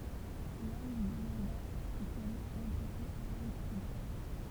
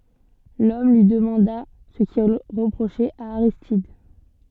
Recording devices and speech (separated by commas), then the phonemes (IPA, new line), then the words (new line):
temple vibration pickup, soft in-ear microphone, read sentence
lɔm lyi dəmɑ̃da sə kil ʁəpʁoʃɛt a aʁistid
L'homme lui demanda ce qu'il reprochait à Aristide.